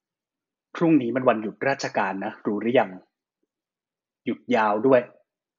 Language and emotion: Thai, neutral